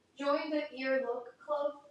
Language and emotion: English, sad